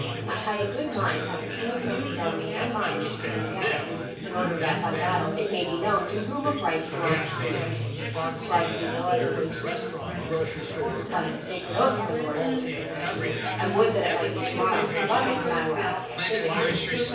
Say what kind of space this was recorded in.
A spacious room.